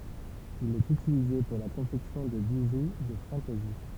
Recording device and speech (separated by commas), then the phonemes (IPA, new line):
temple vibration pickup, read sentence
il ɛt ytilize puʁ la kɔ̃fɛksjɔ̃ də biʒu də fɑ̃tɛzi